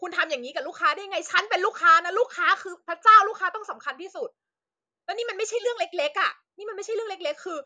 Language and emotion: Thai, angry